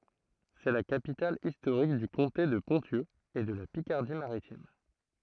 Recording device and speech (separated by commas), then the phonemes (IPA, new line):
throat microphone, read sentence
sɛ la kapital istoʁik dy kɔ̃te də pɔ̃sjø e də la pikaʁdi maʁitim